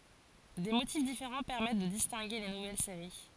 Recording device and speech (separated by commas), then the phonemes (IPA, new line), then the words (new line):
forehead accelerometer, read sentence
de motif difeʁɑ̃ pɛʁmɛt də distɛ̃ɡe le nuvɛl seʁi
Des motifs différents permettent de distinguer les nouvelles séries.